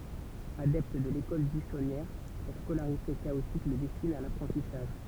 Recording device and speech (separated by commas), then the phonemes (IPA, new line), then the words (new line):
temple vibration pickup, read sentence
adɛpt də lekɔl byisɔnjɛʁ sa skolaʁite kaotik lə dɛstin a lapʁɑ̃tisaʒ
Adepte de l'école buissonnière, sa scolarité chaotique le destine à l'apprentissage.